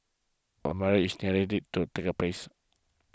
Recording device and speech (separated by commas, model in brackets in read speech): close-talking microphone (WH20), read sentence